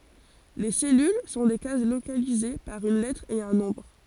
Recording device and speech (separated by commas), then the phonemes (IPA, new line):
forehead accelerometer, read sentence
le sɛlyl sɔ̃ de kaz lokalize paʁ yn lɛtʁ e œ̃ nɔ̃bʁ